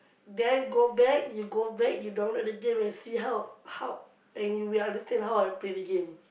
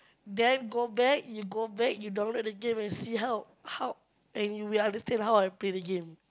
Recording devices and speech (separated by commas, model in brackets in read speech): boundary microphone, close-talking microphone, conversation in the same room